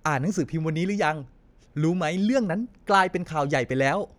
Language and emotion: Thai, happy